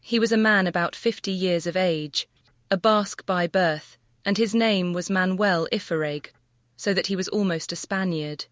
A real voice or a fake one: fake